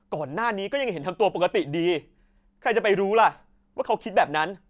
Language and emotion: Thai, angry